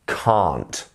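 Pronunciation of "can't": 'Can't' is said with a drawn-out ah sound, not the quick ah sound of 'cat'.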